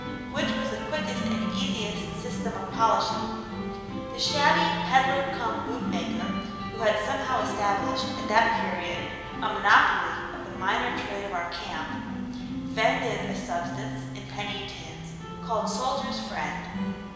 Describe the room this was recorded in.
A large and very echoey room.